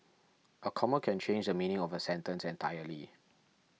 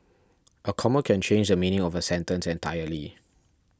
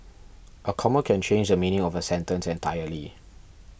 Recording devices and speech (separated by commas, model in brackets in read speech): mobile phone (iPhone 6), standing microphone (AKG C214), boundary microphone (BM630), read sentence